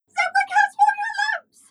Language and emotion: English, fearful